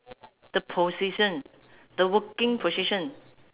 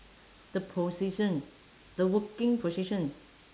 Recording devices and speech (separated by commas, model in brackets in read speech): telephone, standing microphone, conversation in separate rooms